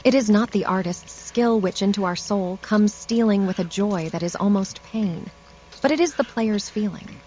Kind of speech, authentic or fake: fake